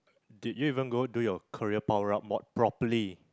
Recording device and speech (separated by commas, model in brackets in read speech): close-talking microphone, conversation in the same room